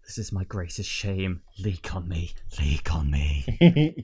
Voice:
horny voice